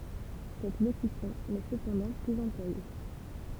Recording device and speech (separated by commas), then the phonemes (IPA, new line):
temple vibration pickup, read sentence
sɛt lokysjɔ̃ nɛ səpɑ̃dɑ̃ plyz ɑ̃plwaje